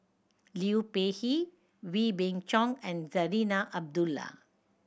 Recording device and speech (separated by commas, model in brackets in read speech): boundary microphone (BM630), read sentence